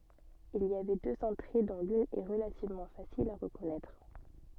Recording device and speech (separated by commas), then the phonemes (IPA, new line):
soft in-ear microphone, read sentence
il i avɛ døz ɑ̃tʁe dɔ̃ lyn ɛ ʁəlativmɑ̃ fasil a ʁəkɔnɛtʁ